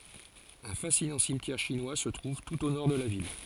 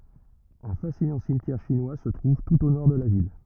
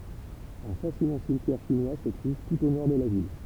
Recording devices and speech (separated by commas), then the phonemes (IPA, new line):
forehead accelerometer, rigid in-ear microphone, temple vibration pickup, read sentence
œ̃ fasinɑ̃ simtjɛʁ ʃinwa sə tʁuv tut o nɔʁ də la vil